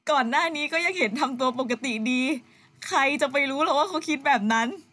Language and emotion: Thai, sad